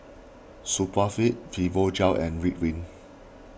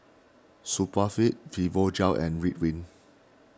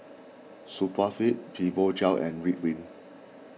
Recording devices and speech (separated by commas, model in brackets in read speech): boundary microphone (BM630), standing microphone (AKG C214), mobile phone (iPhone 6), read sentence